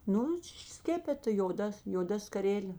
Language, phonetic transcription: Lithuanian, ˈnu ˈšiš ˈskepeta joˈda joˈda skaˈrelė

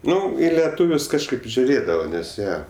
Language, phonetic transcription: Lithuanian, ˈnu i leˈtūvius kažˈkaip žiuˈrėdava nes ˈjie

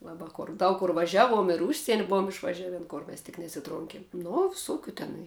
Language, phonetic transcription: Lithuanian, ˈlaba ˈkor ˈdaug kur vaˈžiaˌvuom ir ˈužsieni ˈbuvom išvaˈžiavėn ˈkur mes tik nesiˈtronkėm ˈno viˈsokiu ˈtenai

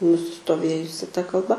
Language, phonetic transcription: Lithuanian, nusistoˈvėjusi ta kalˈba

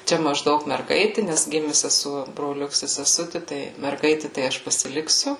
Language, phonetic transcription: Lithuanian, ˈčia mažˈdaug merˈgaiti nes ˈgimi seˈsuo broˈliuks i seˈsuti tai merˈgaiti tai ˈaš pasiˈliksiu

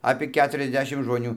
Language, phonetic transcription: Lithuanian, apie ˈketuriasˌdešim žmoˈnių

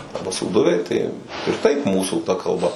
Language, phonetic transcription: Lithuanian, ˈarba sūˈduviai tai ir taip ˈmūsų ta kalˈba

